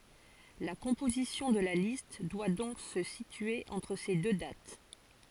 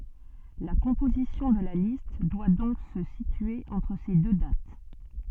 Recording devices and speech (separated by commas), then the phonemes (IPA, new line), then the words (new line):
forehead accelerometer, soft in-ear microphone, read sentence
la kɔ̃pozisjɔ̃ də la list dwa dɔ̃k sə sitye ɑ̃tʁ se dø dat
La composition de la liste doit donc se situer entre ces deux dates.